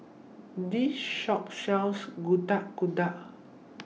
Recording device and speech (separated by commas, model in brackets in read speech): mobile phone (iPhone 6), read sentence